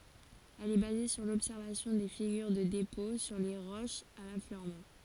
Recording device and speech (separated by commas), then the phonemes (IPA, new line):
forehead accelerometer, read sentence
ɛl ɛ baze syʁ lɔbsɛʁvasjɔ̃ de fiɡyʁ də depɔ̃ syʁ le ʁoʃz a lafløʁmɑ̃